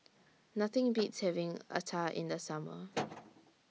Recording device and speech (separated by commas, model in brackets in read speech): mobile phone (iPhone 6), read sentence